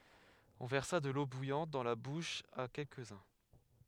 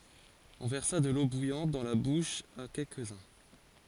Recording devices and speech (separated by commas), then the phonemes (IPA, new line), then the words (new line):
headset microphone, forehead accelerometer, read sentence
ɔ̃ vɛʁsa də lo bujɑ̃t dɑ̃ la buʃ a kɛlkəzœ̃
On versa de l'eau bouillante dans la bouche à quelques-uns.